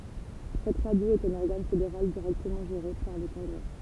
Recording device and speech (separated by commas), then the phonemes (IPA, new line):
temple vibration pickup, read sentence
sɛt ʁadjo ɛt œ̃n ɔʁɡan fedeʁal diʁɛktəmɑ̃ ʒeʁe paʁ lə kɔ̃ɡʁɛ